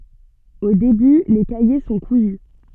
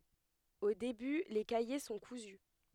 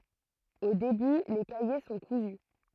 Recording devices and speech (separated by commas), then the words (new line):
soft in-ear microphone, headset microphone, throat microphone, read sentence
Au début, les cahiers sont cousus.